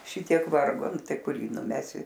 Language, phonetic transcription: Lithuanian, ˈšitiek ˈvargo ˈnu ˈtai ˈkur ˈjį nuˈmesi

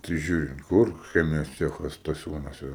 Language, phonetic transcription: Lithuanian, tai ˈžiūrint ˈkur ˈchemijos ˈcechas staˈsiūnuose

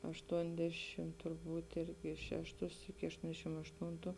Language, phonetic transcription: Lithuanian, ašˈtuondešim turˈbūt ˈirgi ˈšešˌtus iki ašˈtondešim ašˈtūntu

